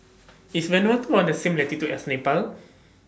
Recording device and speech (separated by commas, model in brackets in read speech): standing microphone (AKG C214), read sentence